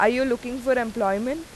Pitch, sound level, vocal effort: 245 Hz, 89 dB SPL, loud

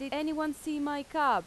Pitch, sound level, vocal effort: 295 Hz, 90 dB SPL, loud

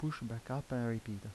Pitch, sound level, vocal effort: 115 Hz, 80 dB SPL, soft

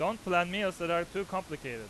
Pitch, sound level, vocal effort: 175 Hz, 98 dB SPL, very loud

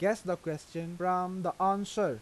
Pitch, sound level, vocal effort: 180 Hz, 89 dB SPL, normal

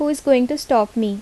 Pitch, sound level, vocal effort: 255 Hz, 79 dB SPL, normal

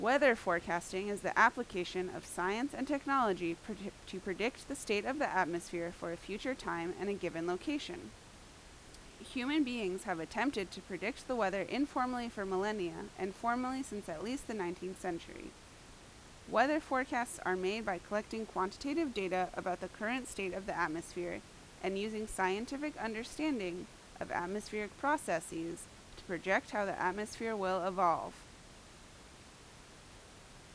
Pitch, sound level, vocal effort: 200 Hz, 85 dB SPL, very loud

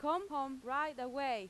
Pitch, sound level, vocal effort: 275 Hz, 94 dB SPL, very loud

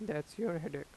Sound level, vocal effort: 85 dB SPL, normal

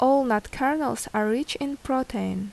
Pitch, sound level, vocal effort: 255 Hz, 79 dB SPL, normal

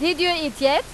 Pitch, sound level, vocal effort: 305 Hz, 99 dB SPL, very loud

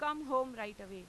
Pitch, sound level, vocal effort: 240 Hz, 98 dB SPL, very loud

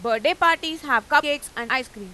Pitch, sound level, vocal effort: 285 Hz, 100 dB SPL, loud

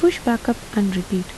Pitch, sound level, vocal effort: 225 Hz, 77 dB SPL, soft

